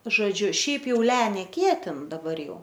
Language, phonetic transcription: Lithuanian, žoˈdžiu ˈšiaip ˈjau ˈle neˈkietin daˈbar ˈjau

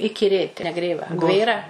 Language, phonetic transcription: Lithuanian, ikiˈrėt neˈgrėva ˈgvėra

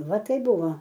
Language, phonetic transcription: Lithuanian, ˈva ˈtaip ˈbuvo

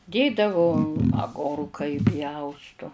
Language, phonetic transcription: Lithuanian, ˈdėdavu aˈgorka iˈpjaustu

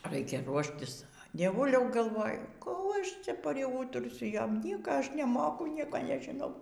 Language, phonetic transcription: Lithuanian, ˈraikia ˈruoštis dieˈvuliau galˈvoju kų ˈaš ˈcia priˈūtursiu ˈjom ˈnieka ˈaš neˈmoku ˈnieko nežiˈnau

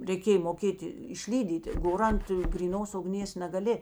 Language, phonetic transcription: Lithuanian, reiˈkėj moˈkėti išˈlydyti ˈgor ˈant gryˈnos ugˈnės nagaˈli

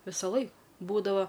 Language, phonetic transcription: Lithuanian, ˈvisaˌlai ˈbūdava

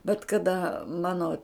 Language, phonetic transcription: Lithuanian, bet kaˈda ˈmano

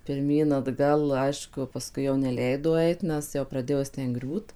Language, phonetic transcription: Lithuanian, pirˈmyn atˈgal ˈaišku paˈskui jau neˈleido ˈait ˈnes jau praˈdėjo ˈjis ˈten ˈgriūt

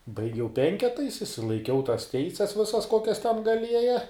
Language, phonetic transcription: Lithuanian, baiˈgiau ˈpenketais išsilaiˈkiau tas ˈteises ˈvisas ˈkokias ten gaˈlieja

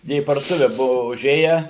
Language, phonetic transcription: Lithuanian, ˈjie į parduoˈtuve ˈbuvu uˈžėje

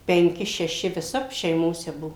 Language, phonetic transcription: Lithuanian, penˈki šeˈši viˈsap šeiˈmose ˈbuvo

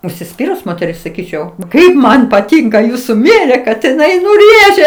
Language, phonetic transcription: Lithuanian, užsiˈspyrus moteˈris saˈkyčiau ˈkaip man paˈtinka ˈjūsu ˈmėrė kad iˈnai nu ˈrėžia

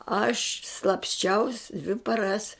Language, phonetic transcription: Lithuanian, aš slapsˈčiaus dvi paˈras

